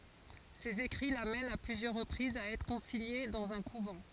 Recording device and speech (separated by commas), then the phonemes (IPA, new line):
forehead accelerometer, read sentence
sez ekʁi lamɛnt a plyzjœʁ ʁəpʁizz a ɛtʁ kɔ̃siɲe dɑ̃z œ̃ kuvɑ̃